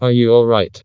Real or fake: fake